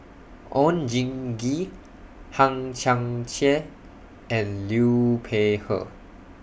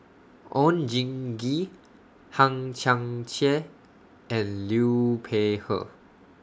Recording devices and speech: boundary microphone (BM630), standing microphone (AKG C214), read sentence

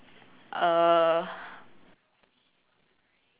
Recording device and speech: telephone, conversation in separate rooms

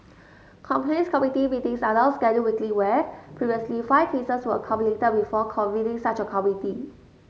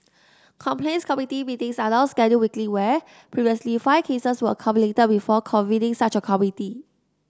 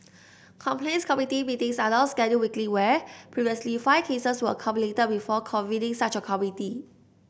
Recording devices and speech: mobile phone (Samsung S8), standing microphone (AKG C214), boundary microphone (BM630), read sentence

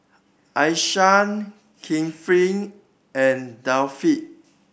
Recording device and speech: boundary microphone (BM630), read sentence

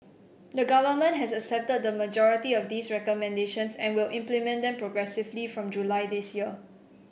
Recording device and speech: boundary microphone (BM630), read sentence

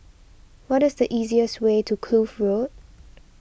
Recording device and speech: boundary microphone (BM630), read sentence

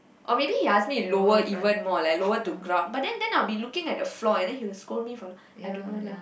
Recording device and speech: boundary microphone, conversation in the same room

